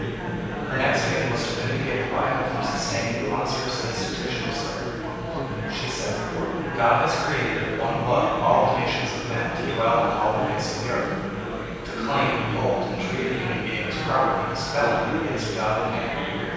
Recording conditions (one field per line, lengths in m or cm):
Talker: one person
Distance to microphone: 7.1 m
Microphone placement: far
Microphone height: 1.7 m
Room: very reverberant, large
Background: babble